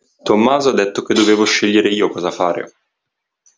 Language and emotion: Italian, neutral